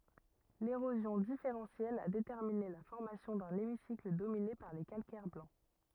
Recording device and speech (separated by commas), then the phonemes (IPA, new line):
rigid in-ear microphone, read sentence
leʁozjɔ̃ difeʁɑ̃sjɛl a detɛʁmine la fɔʁmasjɔ̃ dœ̃n emisikl domine paʁ le kalkɛʁ blɑ̃